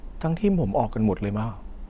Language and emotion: Thai, neutral